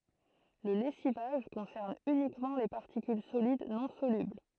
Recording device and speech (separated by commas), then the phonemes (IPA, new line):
throat microphone, read sentence
lə lɛsivaʒ kɔ̃sɛʁn ynikmɑ̃ le paʁtikyl solid nɔ̃ solybl